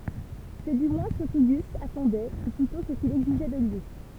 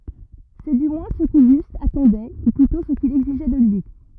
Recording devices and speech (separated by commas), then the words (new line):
temple vibration pickup, rigid in-ear microphone, read sentence
C’est du moins ce qu’Auguste attendait, ou plutôt ce qu’il exigeait de lui.